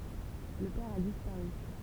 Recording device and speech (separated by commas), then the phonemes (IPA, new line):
temple vibration pickup, read sentence
lə pɛʁ a dispaʁy